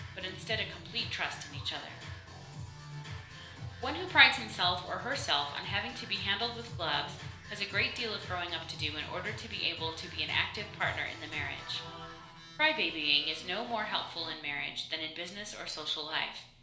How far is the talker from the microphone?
1.0 m.